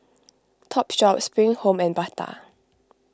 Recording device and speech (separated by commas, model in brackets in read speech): close-talking microphone (WH20), read sentence